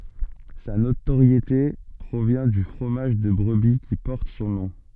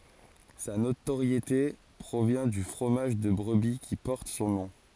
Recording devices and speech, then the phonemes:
soft in-ear microphone, forehead accelerometer, read sentence
sa notoʁjete pʁovjɛ̃ dy fʁomaʒ də bʁəbi ki pɔʁt sɔ̃ nɔ̃

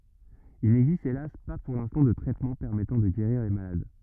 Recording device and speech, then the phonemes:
rigid in-ear microphone, read sentence
il nɛɡzist elas pa puʁ lɛ̃stɑ̃ də tʁɛtmɑ̃ pɛʁmɛtɑ̃ də ɡeʁiʁ le malad

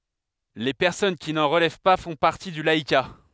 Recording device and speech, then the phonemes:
headset microphone, read sentence
le pɛʁsɔn ki nɑ̃ ʁəlɛv pa fɔ̃ paʁti dy laika

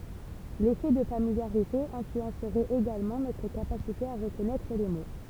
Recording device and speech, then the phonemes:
temple vibration pickup, read sentence
lefɛ də familjaʁite ɛ̃flyɑ̃sʁɛt eɡalmɑ̃ notʁ kapasite a ʁəkɔnɛtʁ le mo

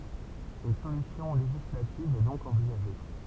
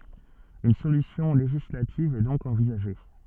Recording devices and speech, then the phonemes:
temple vibration pickup, soft in-ear microphone, read sentence
yn solysjɔ̃ leʒislativ ɛ dɔ̃k ɑ̃vizaʒe

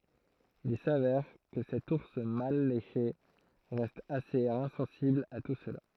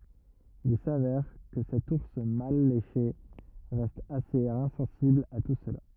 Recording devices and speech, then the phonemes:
throat microphone, rigid in-ear microphone, read sentence
il savɛʁ kə sɛt uʁs mal leʃe ʁɛst asez ɛ̃sɑ̃sibl a tu səla

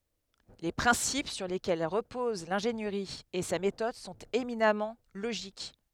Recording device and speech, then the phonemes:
headset microphone, read sentence
le pʁɛ̃sip syʁ lekɛl ʁəpoz lɛ̃ʒeniʁi e sa metɔd sɔ̃t eminamɑ̃ loʒik

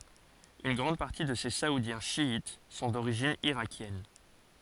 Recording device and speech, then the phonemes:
forehead accelerometer, read sentence
yn ɡʁɑ̃d paʁti də se saudjɛ̃ ʃjit sɔ̃ doʁiʒin iʁakjɛn

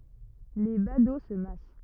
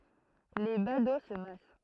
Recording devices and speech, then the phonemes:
rigid in-ear microphone, throat microphone, read sentence
le bado sə mas

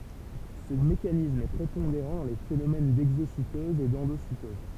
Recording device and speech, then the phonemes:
temple vibration pickup, read sentence
sə mekanism ɛ pʁepɔ̃deʁɑ̃ dɑ̃ le fenomɛn dɛɡzositɔz e dɑ̃dositɔz

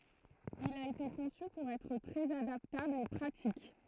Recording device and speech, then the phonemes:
throat microphone, read sentence
il a ete kɔ̃sy puʁ ɛtʁ tʁɛz adaptabl e pʁatik

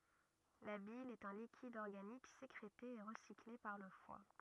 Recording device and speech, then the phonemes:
rigid in-ear microphone, read sentence
la bil ɛt œ̃ likid ɔʁɡanik sekʁete e ʁəsikle paʁ lə fwa

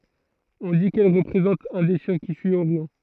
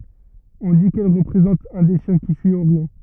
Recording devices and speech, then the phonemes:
throat microphone, rigid in-ear microphone, read sentence
ɔ̃ di kɛl ʁəpʁezɑ̃t œ̃ de ʃjɛ̃ ki syi oʁjɔ̃

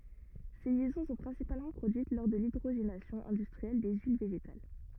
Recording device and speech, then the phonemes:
rigid in-ear microphone, read sentence
se ljɛzɔ̃ sɔ̃ pʁɛ̃sipalmɑ̃ pʁodyit lɔʁ də lidʁoʒenasjɔ̃ ɛ̃dystʁiɛl de yil veʒetal

